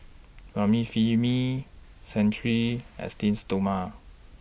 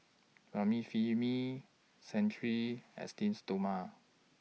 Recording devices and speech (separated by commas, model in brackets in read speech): boundary microphone (BM630), mobile phone (iPhone 6), read sentence